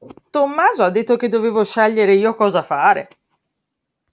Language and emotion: Italian, surprised